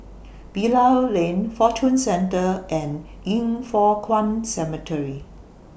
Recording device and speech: boundary microphone (BM630), read sentence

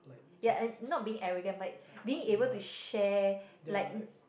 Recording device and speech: boundary microphone, conversation in the same room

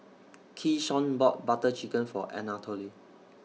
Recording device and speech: mobile phone (iPhone 6), read sentence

